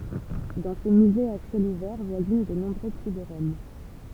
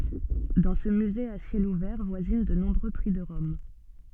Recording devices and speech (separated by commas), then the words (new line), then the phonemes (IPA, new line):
temple vibration pickup, soft in-ear microphone, read sentence
Dans ce musée à ciel ouvert voisinent de nombreux prix de Rome.
dɑ̃ sə myze a sjɛl uvɛʁ vwazin də nɔ̃bʁø pʁi də ʁɔm